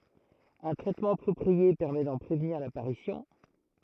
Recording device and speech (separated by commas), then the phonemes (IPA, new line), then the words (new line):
throat microphone, read sentence
œ̃ tʁɛtmɑ̃ apʁɔpʁie pɛʁmɛ dɑ̃ pʁevniʁ lapaʁisjɔ̃
Un traitement approprié permet d'en prévenir l'apparition.